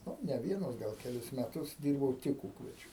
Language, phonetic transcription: Lithuanian, nu ne ˈvienus ˈgal keˈlis meˈtus ˈdyrbau ˈtik ˈūkvedžiu

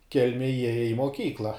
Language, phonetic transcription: Lithuanian, ˈkelmėj ˈjieja i moˈkykla

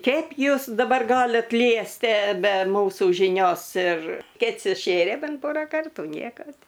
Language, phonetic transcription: Lithuanian, ˈkeip ˈjūs daˈbar ˈgalit ˈliestie be ˈmūsų žiˈnios ir ˈked suˈšėrė ˈbent ˈporą ˈkartų ˈnieko ti

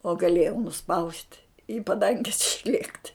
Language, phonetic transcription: Lithuanian, o gaˈlėjau nuˈspaust' į paˈdanges išˈliekt'

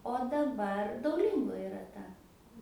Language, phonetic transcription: Lithuanian, o daˈbar dauˈlingo iˈra ˈta

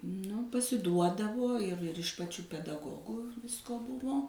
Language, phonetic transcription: Lithuanian, ˈnu pasiˈduodavo ˈir ir iš pačių pedaˈgogų ˈvisko ˈbuvo

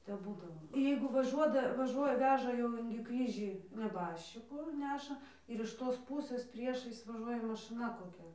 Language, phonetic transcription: Lithuanian, tep ˈbūdavo ˈjeigu vaˈžuoda vaˈžuoja ˈveža jau ˈingi ˈkryžį neˈbaščikų ˈneša ir iš ˈtos ˈpūsɘs ˈpriešais vaˈžuoja maˈšɨna koˈkia

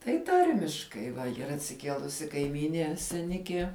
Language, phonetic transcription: Lithuanian, tai ˈtarmiškai yˈra atsiˈkielusi kaiˈmynie seˈnikie

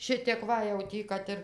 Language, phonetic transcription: Lithuanian, ˈšitėk ˈva jau ˈtį ˈkad ir

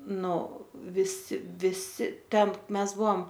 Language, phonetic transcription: Lithuanian, ˈnu viˈsi viˈsi ˈten ˈmes ˈbuom

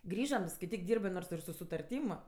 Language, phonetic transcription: Lithuanian, ˈgrįžam skaiˈtyk ˈdyrbɜ ˈnors ir su sutarˈtym

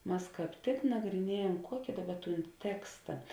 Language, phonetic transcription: Lithuanian, ˈmas ˈkāp tik nagriˈniejam ˈkuoki ˈdaˌba ˈtūn ˈteksta

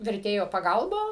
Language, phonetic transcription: Lithuanian, verˈtėjo paˈgalba

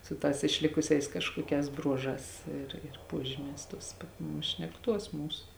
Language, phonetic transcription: Lithuanian, su ˈtās išˈlikusiais ˈkažkuoˌkēs ˈbruoˌžās ˈir ir ˈpuožimēs ˈtuos pat nu šnekˈtuos ˈmūs

